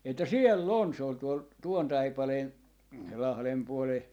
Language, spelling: Finnish, että siellä on se oli tuolla tuon taipaleen lahden puolen
- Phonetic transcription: että » "siel'l ‿on » , se ol tuol , 'tuon 'taipaleen , 'lahlem puole .

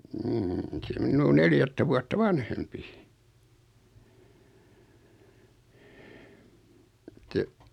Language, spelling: Finnish, mm on se minua neljättä vuotta vanhempi että
- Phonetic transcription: m̥m̥ 'on se 'min̆nuu "neljättä vuatta "vanhempi , [et]tä ,.

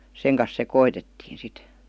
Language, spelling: Finnish, sen kanssa sekoitettiin sitten
- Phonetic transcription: 'seŋ kas 'sekoitettiin̬ sit .

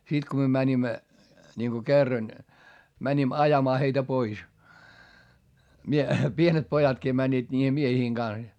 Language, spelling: Finnish, sitten kun me menimme niin kun kerran menimme ajamaan heitä pois - pienet pojatkin menivät niiden miesten kanssa ja
- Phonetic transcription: si ko myö mänimmä , ńiŋko kerran , mäńim ajamaa heitä pois , mie- , pienet pojatkii mäńńiiD niihe miehiiŋ Gans ja .

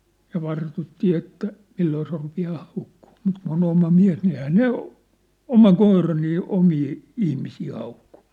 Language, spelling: Finnish, ja vartuttiin että milloin se rupeaa haukkumaan mutta kun on oma mies niin eihän ne oma koira niin omia ihmisiä hauku
- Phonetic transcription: ja 'vartuttii että , 'milloo se 'rupi₍aa 'haukkuu , mut kun ‿on 'oma 'miä̭s ni ehää "ne , 'oma 'koira nii , 'omii , 'ihmisii 'haukᴜ .

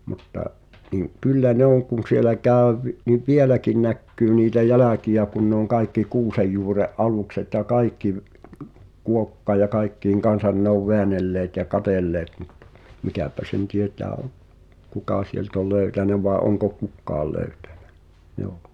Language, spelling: Finnish, mutta niin kyllä ne on kun siellä käy - niin vieläkin näkyy niitä jälkiä kun ne on kaikki kuusenjuuren alukset ja kaikki - kuokkien ja kaikkien kanssa ne on väännelleet ja katselleet mutta mikäpä sen tietää on kuka sieltä oli löytänyt vai onko kukaan löytänyt joo
- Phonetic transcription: mutta , niᵑ , "kyllä 'ne ‿oŋ kun̬ sielä 'kä̀ö vi- , niv "vieläkiⁿ näkkyy niitä "jälä̀ki₍ä kun ne ‿oŋ 'kaikki "kuusejjuure’ '’alùkset ja "kaikki v- , 'kuokkaĭj̆ ja "kaikkiiŋ 'kansan ne ‿ov "veänelleet ja 'katèlleet (mut) , 'mikä̀pä sen 'tiet̀ää (ov) , "kukà sielt ‿ol 'lö̀ytänä vàe oŋko "kukkaal 'lö̀ytᴀ̈ɴᴀ̈ , ʲoo .

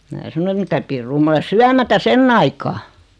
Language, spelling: Finnish, minä sanoin että mitä pirua minä olen syömättä sen aikaa
- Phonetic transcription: mää 'sano et » 'mitä pirruu 'm ‿ole "syämätä "senn ‿aikaa « .

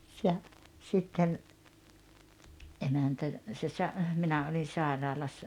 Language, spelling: Finnish, ja sitten emäntä se - minä olin sairaalassa
- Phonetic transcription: ja , sitten , '’emäntä , se sa- , 'minä olin̬ 'sàeraalassa ,.

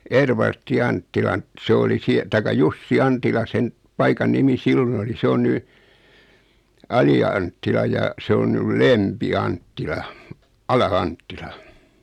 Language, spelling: Finnish, Edvard Anttilan se oli - tai Jussi Antila sen paikan nimi silloin oli se on nyt Ali-Anttila ja se on nyt Lempi Anttila Ala-Anttila
- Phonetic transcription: 'Eedvartti 'Anttilan , se oli sie- , taika "Jussi 'Antila sen , paikan 'nimi 'sillon ‿oli 'se on 'ny , 'Ali₍anttila ja , 'se on nyl "Lempi 'Anttila , "Ala₍"Anttila .

